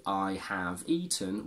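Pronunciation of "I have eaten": In 'I have eaten', 'have' is said in its strong form, with the strong a sound rather than a schwa. Natural speech does not say it this way.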